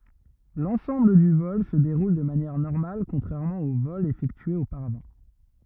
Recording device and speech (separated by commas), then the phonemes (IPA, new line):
rigid in-ear microphone, read sentence
lɑ̃sɑ̃bl dy vɔl sə deʁul də manjɛʁ nɔʁmal kɔ̃tʁɛʁmɑ̃ o vɔlz efɛktyez opaʁavɑ̃